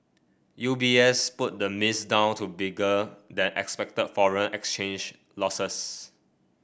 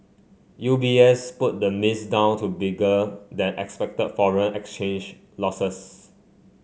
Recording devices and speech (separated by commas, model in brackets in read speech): boundary microphone (BM630), mobile phone (Samsung C5), read sentence